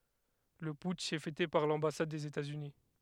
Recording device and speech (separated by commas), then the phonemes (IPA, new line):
headset microphone, read sentence
lə putʃ ɛ fɛte paʁ lɑ̃basad dez etaz yni